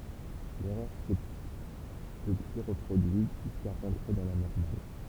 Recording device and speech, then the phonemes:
temple vibration pickup, read sentence
lɛʁœʁ sɛ dəpyi ʁəpʁodyit ʒyska ʁɑ̃tʁe dɑ̃ la nɔʁmal

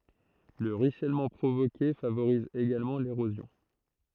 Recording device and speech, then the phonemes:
throat microphone, read sentence
lə ʁyisɛlmɑ̃ pʁovoke favoʁiz eɡalmɑ̃ leʁozjɔ̃

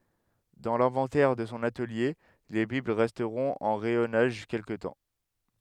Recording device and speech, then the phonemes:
headset microphone, read sentence
dɑ̃ lɛ̃vɑ̃tɛʁ də sɔ̃ atəlje le bibl ʁɛstʁɔ̃t ɑ̃ ʁɛjɔnaʒ kɛlkə tɑ̃

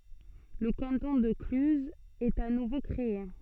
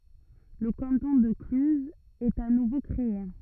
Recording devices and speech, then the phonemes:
soft in-ear microphone, rigid in-ear microphone, read sentence
lə kɑ̃tɔ̃ də klyzz ɛt a nuvo kʁee

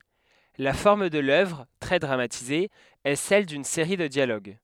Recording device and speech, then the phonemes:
headset microphone, read sentence
la fɔʁm də lœvʁ tʁɛ dʁamatize ɛ sɛl dyn seʁi də djaloɡ

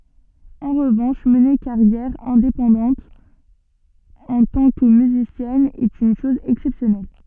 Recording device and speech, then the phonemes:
soft in-ear microphone, read sentence
ɑ̃ ʁəvɑ̃ʃ məne kaʁjɛʁ ɛ̃depɑ̃dɑ̃t ɑ̃ tɑ̃ kə myzisjɛn ɛt yn ʃɔz ɛksɛpsjɔnɛl

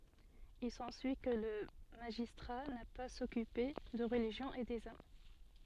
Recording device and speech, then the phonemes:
soft in-ear microphone, read sentence
il sɑ̃syi kə lə maʒistʁa na paz a sɔkype də ʁəliʒjɔ̃ e dez am

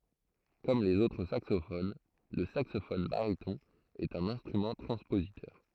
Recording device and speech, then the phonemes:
throat microphone, read sentence
kɔm lez otʁ saksofon lə saksofɔn baʁitɔ̃ ɛt œ̃n ɛ̃stʁymɑ̃ tʁɑ̃spozitœʁ

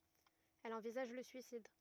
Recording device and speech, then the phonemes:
rigid in-ear microphone, read sentence
ɛl ɑ̃vizaʒ lə syisid

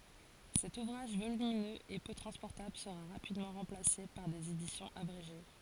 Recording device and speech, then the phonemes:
forehead accelerometer, read sentence
sɛt uvʁaʒ volyminøz e pø tʁɑ̃spɔʁtabl səʁa ʁapidmɑ̃ ʁɑ̃plase paʁ dez edisjɔ̃z abʁeʒe

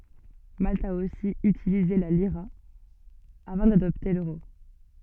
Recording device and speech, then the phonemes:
soft in-ear microphone, read sentence
malt a osi ytilize la liʁa avɑ̃ dadɔpte løʁo

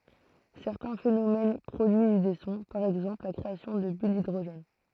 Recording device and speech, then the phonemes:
throat microphone, read sentence
sɛʁtɛ̃ fenomɛn pʁodyiz de sɔ̃ paʁ ɛɡzɑ̃pl la kʁeasjɔ̃ də byl didʁoʒɛn

